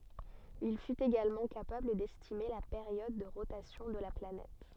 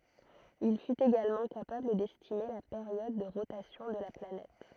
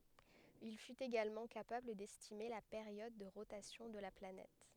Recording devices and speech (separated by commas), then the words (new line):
soft in-ear microphone, throat microphone, headset microphone, read sentence
Il fut également capable d'estimer la période de rotation de la planète.